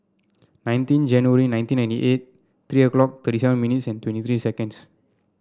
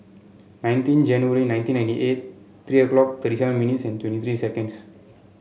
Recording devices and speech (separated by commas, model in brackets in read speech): standing microphone (AKG C214), mobile phone (Samsung C7), read sentence